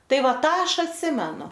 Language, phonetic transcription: Lithuanian, ˈtai ˈva ˈtą ˈaš atˈsimenu

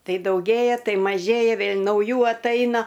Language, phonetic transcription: Lithuanian, ˈtai dauˈgėja ˈtai maˈžėja ˈvėl' nauˈjų atˈaina

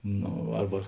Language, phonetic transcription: Lithuanian, ˈno ˈarba

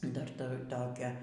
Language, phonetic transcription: Lithuanian, ˈdar ˈtur ˈtokią

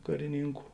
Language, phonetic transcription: Lithuanian, kariˈnynku

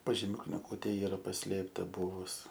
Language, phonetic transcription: Lithuanian, pažiˈmiu kniˈgūtė ˈyra paˈslėpta ˈbūvus

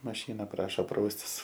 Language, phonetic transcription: Lithuanian, maˈšyna ˈprašo ˈpraustis

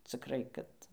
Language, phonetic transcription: Lithuanian, ˈcikrai kad

